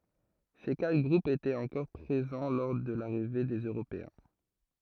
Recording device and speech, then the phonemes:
throat microphone, read sentence
se katʁ ɡʁupz etɛt ɑ̃kɔʁ pʁezɑ̃ lɔʁ də laʁive dez øʁopeɛ̃

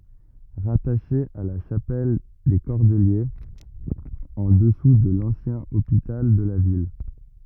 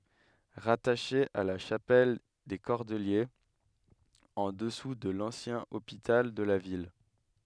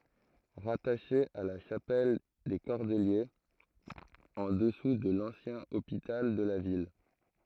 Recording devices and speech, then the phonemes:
rigid in-ear microphone, headset microphone, throat microphone, read sentence
ʁataʃe a la ʃapɛl de kɔʁdəljez ɑ̃ dəsu də lɑ̃sjɛ̃ opital də la vil

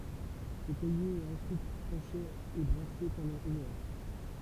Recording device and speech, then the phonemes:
temple vibration pickup, read sentence
sə kaje ɛt ɑ̃syit tʁɑ̃ʃe e bʁase pɑ̃dɑ̃ yn œʁ

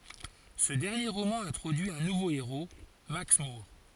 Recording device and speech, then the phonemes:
forehead accelerometer, read sentence
sə dɛʁnje ʁomɑ̃ ɛ̃tʁodyi œ̃ nuvo eʁo maks muʁ

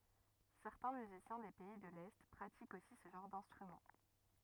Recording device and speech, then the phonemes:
rigid in-ear microphone, read sentence
sɛʁtɛ̃ myzisjɛ̃ de pɛi də lɛ pʁatikt osi sə ʒɑ̃ʁ dɛ̃stʁymɑ̃

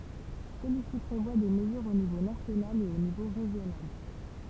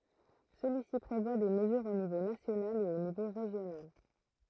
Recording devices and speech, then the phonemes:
temple vibration pickup, throat microphone, read sentence
səlyisi pʁevwa de məzyʁz o nivo nasjonal e o nivo ʁeʒjonal

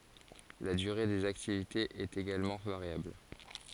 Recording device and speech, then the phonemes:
forehead accelerometer, read sentence
la dyʁe dez aktivitez ɛt eɡalmɑ̃ vaʁjabl

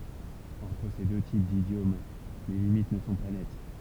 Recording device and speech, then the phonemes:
temple vibration pickup, read sentence
ɑ̃tʁ se dø tip didjom le limit nə sɔ̃ pa nɛt

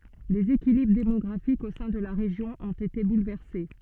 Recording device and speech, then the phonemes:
soft in-ear microphone, read sentence
lez ekilibʁ demɔɡʁafikz o sɛ̃ də la ʁeʒjɔ̃ ɔ̃t ete bulvɛʁse

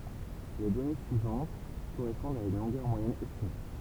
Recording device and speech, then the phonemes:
temple vibration pickup, read sentence
le dɔne syivɑ̃t koʁɛspɔ̃dt a yn lɔ̃ɡœʁ mwajɛn ɛstime

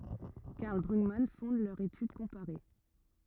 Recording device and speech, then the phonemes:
rigid in-ear microphone, read sentence
kaʁl bʁyɡman fɔ̃d lœʁ etyd kɔ̃paʁe

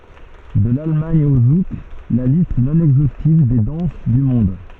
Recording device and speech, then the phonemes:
soft in-ear microphone, read sentence
də lalmɑ̃d o zuk la list nɔ̃ ɛɡzostiv de dɑ̃s dy mɔ̃d

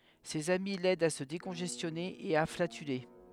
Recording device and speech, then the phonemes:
headset microphone, read sentence
sez ami lɛdt a sə dekɔ̃ʒɛstjɔne e a flatyle

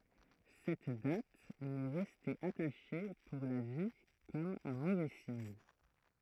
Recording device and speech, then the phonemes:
throat microphone, read sentence
sɛt dat mɛ ʁɛste ataʃe puʁ la vi kɔm œ̃ movɛ siɲ

